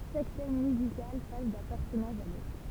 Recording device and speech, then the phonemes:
temple vibration pickup, read sentence
ʃak tɛm myzikal pas dœ̃ pɛʁsɔnaʒ a lotʁ

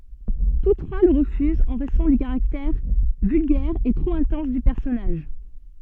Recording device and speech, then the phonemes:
soft in-ear microphone, read sentence
tus tʁwa lə ʁəfyzt ɑ̃ ʁɛzɔ̃ dy kaʁaktɛʁ vylɡɛʁ e tʁop ɛ̃tɑ̃s dy pɛʁsɔnaʒ

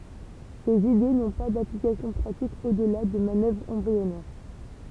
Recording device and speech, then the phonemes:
temple vibration pickup, read sentence
sez ide nɔ̃ pa daplikasjɔ̃ pʁatik odla də manœvʁz ɑ̃bʁiɔnɛʁ

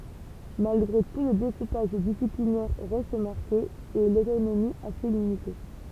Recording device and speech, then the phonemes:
temple vibration pickup, read sentence
malɡʁe tu lə dekupaʒ disiplinɛʁ ʁɛst maʁke e lotonomi ase limite

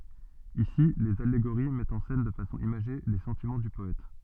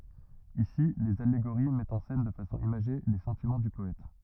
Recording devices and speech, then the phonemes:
soft in-ear microphone, rigid in-ear microphone, read sentence
isi lez aleɡoʁi mɛtt ɑ̃ sɛn də fasɔ̃ imaʒe le sɑ̃timɑ̃ dy pɔɛt

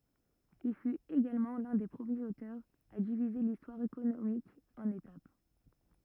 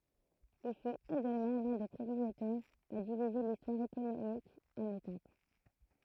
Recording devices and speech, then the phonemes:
rigid in-ear microphone, throat microphone, read sentence
il fyt eɡalmɑ̃ lœ̃ de pʁəmjez otœʁz a divize listwaʁ ekonomik ɑ̃n etap

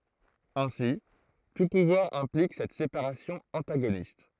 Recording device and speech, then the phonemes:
throat microphone, read sentence
ɛ̃si tu puvwaʁ ɛ̃plik sɛt sepaʁasjɔ̃ ɑ̃taɡonist

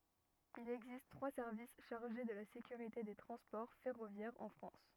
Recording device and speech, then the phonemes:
rigid in-ear microphone, read sentence
il ɛɡzist tʁwa sɛʁvis ʃaʁʒe də la sekyʁite de tʁɑ̃spɔʁ fɛʁovjɛʁz ɑ̃ fʁɑ̃s

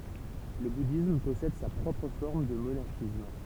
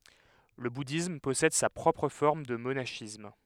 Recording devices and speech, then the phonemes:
temple vibration pickup, headset microphone, read sentence
lə budism pɔsɛd sa pʁɔpʁ fɔʁm də monaʃism

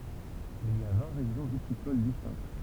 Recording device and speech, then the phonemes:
temple vibration pickup, read sentence
il i a vɛ̃ ʁeʒjɔ̃ vitikol distɛ̃kt

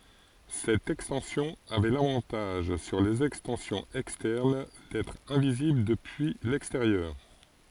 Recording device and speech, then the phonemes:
forehead accelerometer, read sentence
sɛt ɛkstɑ̃sjɔ̃ avɛ lavɑ̃taʒ syʁ lez ɛkstɑ̃sjɔ̃z ɛkstɛʁn dɛtʁ ɛ̃vizibl dəpyi lɛksteʁjœʁ

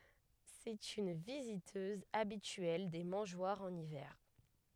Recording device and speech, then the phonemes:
headset microphone, read sentence
sɛt yn vizitøz abityɛl de mɑ̃ʒwaʁz ɑ̃n ivɛʁ

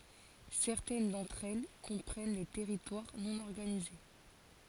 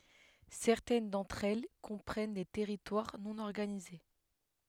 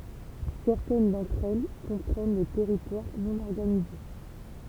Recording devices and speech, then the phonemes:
forehead accelerometer, headset microphone, temple vibration pickup, read sentence
sɛʁtɛn dɑ̃tʁ ɛl kɔ̃pʁɛn de tɛʁitwaʁ nɔ̃ ɔʁɡanize

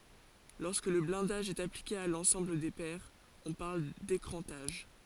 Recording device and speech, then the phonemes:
forehead accelerometer, read sentence
lɔʁskə lə blɛ̃daʒ ɛt aplike a lɑ̃sɑ̃bl de pɛʁz ɔ̃ paʁl dekʁɑ̃taʒ

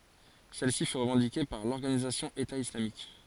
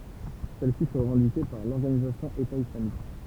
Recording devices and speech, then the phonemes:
forehead accelerometer, temple vibration pickup, read sentence
sɛl si fy ʁəvɑ̃dike paʁ lɔʁɡanizasjɔ̃ eta islamik

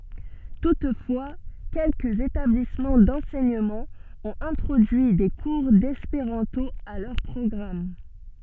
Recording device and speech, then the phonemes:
soft in-ear microphone, read sentence
tutfwa kɛlkəz etablismɑ̃ dɑ̃sɛɲəmɑ̃ ɔ̃t ɛ̃tʁodyi de kuʁ dɛspeʁɑ̃to a lœʁ pʁɔɡʁam

